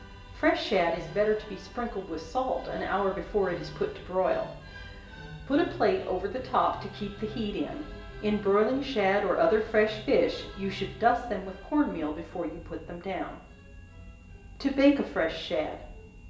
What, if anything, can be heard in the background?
Music.